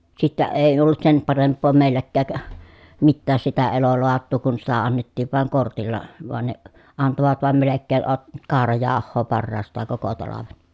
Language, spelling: Finnish, sitten ei ollut sen parempaa meilläkään mitään sitä elolaatua kun sitä annettiin vain kortilla vaan ne antoivat vain melkein - kaurajauhoa parhaastaan koko talven
- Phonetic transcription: sittä , èi ollut sem paremp̆poo mèilläkkääk , mittääs sitä eloloat̆tuu kun sitä annettiiv vàeŋ kortilla , voan ne , antovat vàem melekkee ʼot- , kaarajaah̆hoo parraast̀aaŋ koko talaven .

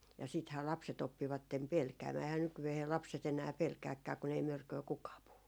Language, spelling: Finnish, ja sittenhän lapset oppivat pelkäämään eihän nykyään lapset enää pelkääkään kun ei mörköä kukaan puhu
- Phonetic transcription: ja siithää 'lapse't ‿oppivattem "pelkäämää 'ehää nykyvehee 'lapset ‿enää 'pelkääkkää kun ‿ei 'mörköö kukaa 'puhu .

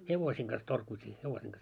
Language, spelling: Finnish, hevosien kanssa torkuttiin hevosien kanssa
- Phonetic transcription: 'hevosiiŋ ɢas torkuit́ii , 'hevosiiŋ ɢas .

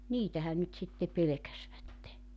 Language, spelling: Finnish, niitähän nyt sitten pelkäsivät
- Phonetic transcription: "niitähän nyt sitte 'pelekäsvätte .

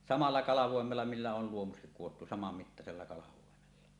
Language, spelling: Finnish, samalla kalvoimella millä oli luomukset kudottu samanmittaisella kalvoimella
- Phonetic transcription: 'samalla 'kalavòemella millä ol luomukset kuwottu 'samammittasella 'kalavòemella .

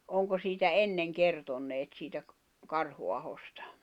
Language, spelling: Finnish, onko siitä ennen kertoneet siitä - Karhuahosta
- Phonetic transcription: oŋko siitä "enneŋ 'kertonneet siitä ‿k- , 'Karhu'ahostᴀ ?

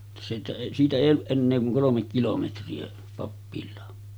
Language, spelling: Finnish, että siitä ei siitä ei ollut enää kuin kolme kilometriä pappilaan
- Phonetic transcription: [et]tä siitä èi siitä 'èij ‿olluˀ 'ˀennee kuŋ 'kolomek kilometri₍a , pappil̆laa .

